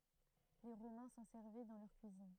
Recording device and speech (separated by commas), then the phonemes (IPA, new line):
throat microphone, read sentence
le ʁomɛ̃ sɑ̃ sɛʁvɛ dɑ̃ lœʁ kyizin